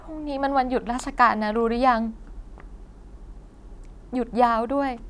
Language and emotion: Thai, sad